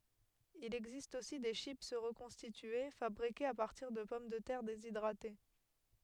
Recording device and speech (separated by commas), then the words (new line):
headset microphone, read sentence
Il existe aussi des chips reconstituées, fabriquées à partir de pommes de terre déshydratées.